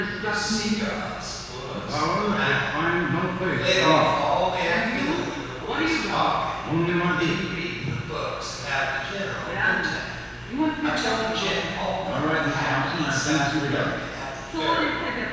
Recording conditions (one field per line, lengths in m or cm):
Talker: one person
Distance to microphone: 7.1 m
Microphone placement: far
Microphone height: 1.7 m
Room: very reverberant, large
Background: television